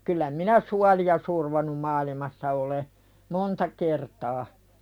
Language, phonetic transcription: Finnish, kyllä 'minä "suali₍a survonum 'maalimassa ole , "monta kertaa .
- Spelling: kyllä minä suolia survonut maailmassa olen monta kertaa

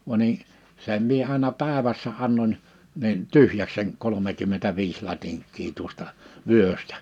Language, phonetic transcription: Finnish, va ni , 'sem̆ mie 'àena 'pä̀evässä 'annoń , nin , "tyhjäks seŋ 'kolomekymmentä'viis 'latiŋk̆kii tuosta , 'vyöstᴀ̈ .
- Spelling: vaan niin sen minä aina päivässä annoin niin tyhjäksi sen kolmekymmentäviisi latinkia tuosta vyöstä

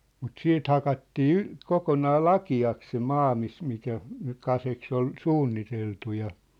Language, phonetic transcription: Finnish, mut "siit 'hakattii "y- , 'kokonaa "laki₍aks se "maa mis- mikä , nyk̆ 'kaseks ‿ol , "suunniteltu ja .
- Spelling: mutta siitä hakattiin - kokonaan lakeaksi se maa - mikä nyt kaskeksi oli suunniteltu ja

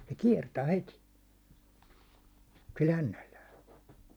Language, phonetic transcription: Finnish, se 'kiɛrtää "heti , sil "hännällää .
- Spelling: se kiertää heti sillä hännällään

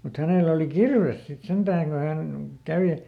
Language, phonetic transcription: Finnish, mut ˈhänèlä oli "kirves sit ˈsentääŋ ko ˈhän , ˈkäve .
- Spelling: mutta hänellä oli kirves sitten sentään kun hän kävi

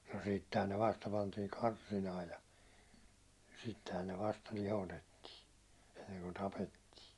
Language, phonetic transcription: Finnish, no 'sittehän ne 'vasta pantii "karsinaa ja , sittehän ne 'vasta 'lihotettii , enneŋku 'tapetti .
- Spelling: no sittenhän ne vasta pantiin karsinaan ja sittenhän ne vasta lihotettiin ennen kuin tapettiin

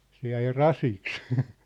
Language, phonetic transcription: Finnish, se jäi "rasiks .
- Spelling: se jäi rasiksi

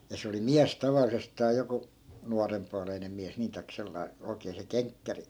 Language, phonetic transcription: Finnish, ja 'se oli "miäs 'taval̆lisestaa 'joku , 'nuarempualeinem̆ miäs 'nii tai̮k 'sellai̮ , 'oi̮kee se "keŋkkäri .
- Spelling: ja se oli mies tavallisestaan joku nuorenpuoleinen mies niin tai sellainen oikein se kenkkäri

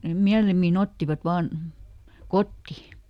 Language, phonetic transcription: Finnish, nem ˈmiälimmiˈn ‿ottivat ˈvaan , "kotti .
- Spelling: ne mielimmin ottivat vain kotiin

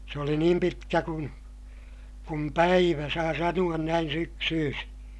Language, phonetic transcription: Finnish, se oli niim pitkä kun , kum päivä saa sanu₍an näin syksyysi .
- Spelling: se oli niin pitkä kuin kuin päivä saa sanoa näin syksyisin

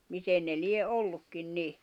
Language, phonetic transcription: Finnish, 'miten ne 'lie '’ollukkin 'ni .
- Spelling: miten ne lie ollutkin niin

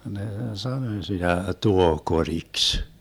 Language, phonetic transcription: Finnish, 'ne "sanoⁱ 'sitä "tuoh'koriks .
- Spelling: ne sanoi sitä tuohikoriksi

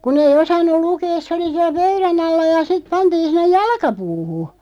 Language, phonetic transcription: Finnish, kun ‿ei 'osannu 'lukeeˢ se oli 'siäˡ "pöyrä'n ‿alla ja siᵗ 'pantiin̬ 'sin̆nej "jalkapuuhu .
- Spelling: kun ei osannut lukea se oli siellä pöydän alla ja sitten pantiin sinne jalkapuuhun

